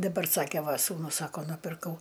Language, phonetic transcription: Lithuanian, daˈbar ˈsake ˈva ˈ sūnus ˈsako nupirˈkau

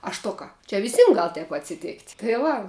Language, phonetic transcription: Lithuanian, a ˈštuka čia viˈsym gal taip atsiˈtėkt' tai ˈva

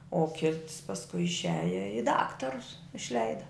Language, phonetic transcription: Lithuanian, o ˈkits pasˈkui išˈiaja i ˈdaktarus išˈleida

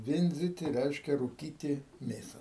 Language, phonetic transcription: Lithuanian, ˈvindziti ˈreiškia rūˈkyti ˈmėsa

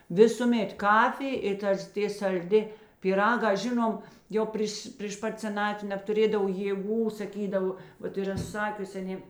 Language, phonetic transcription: Lithuanian, ˈvisūˌmėt ˈkafij i ˈtas ˈtė salˈdi pyˈraga ˈžinom ˈjo ˈpryš pryš ˈpat seˈnatvi nebtuˈrėdav jėˈgų saˈkydavo ˈvat iˈra ˈsakiusi aˈnė

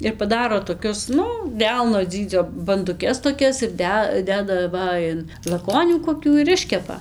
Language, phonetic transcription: Lithuanian, ir paˈdaro toˈkius ˈnu ˈdelno ˈdzydzio banduˈkes toˈkias ir ˈde ˈdeda ˈva in laˈkonių koˈkių ir ˈiškepa

